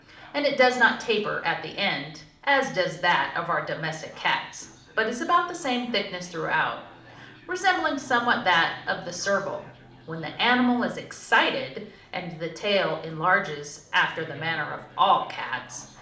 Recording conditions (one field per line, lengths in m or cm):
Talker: one person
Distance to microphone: 2.0 m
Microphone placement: close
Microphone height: 99 cm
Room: medium-sized (5.7 m by 4.0 m)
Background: television